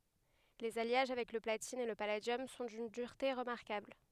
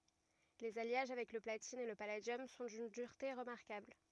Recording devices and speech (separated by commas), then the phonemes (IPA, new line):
headset microphone, rigid in-ear microphone, read sentence
lez aljaʒ avɛk lə platin e lə paladjɔm sɔ̃ dyn dyʁte ʁəmaʁkabl